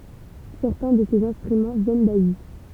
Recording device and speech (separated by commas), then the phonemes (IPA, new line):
temple vibration pickup, read sentence
sɛʁtɛ̃ də sez ɛ̃stʁymɑ̃ vjɛn dazi